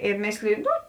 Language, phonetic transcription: Lithuanian, i ˈmėsliju ˈnu

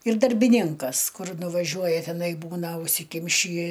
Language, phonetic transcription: Lithuanian, ir darbiˈninkas ˈkur nuvaˈžiuoja teˈnai ˈbūna užsiˈkimšį

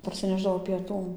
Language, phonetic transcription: Lithuanian, parsiˈnešdavo pieˈtų

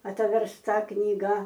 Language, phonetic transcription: Lithuanian, atversˈta knyˈga

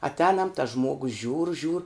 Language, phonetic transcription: Lithuanian, atˈēnam tas ˈžmuogus žiūr žiūr

